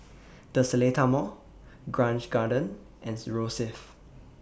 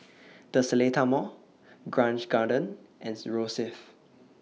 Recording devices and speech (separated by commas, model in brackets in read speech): boundary microphone (BM630), mobile phone (iPhone 6), read sentence